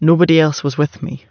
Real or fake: real